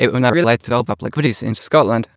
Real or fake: fake